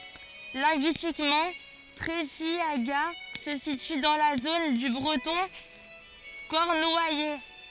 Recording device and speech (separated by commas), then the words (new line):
forehead accelerometer, read sentence
Linguistiquement, Treffiagat se situe dans la zone du breton cornouaillais.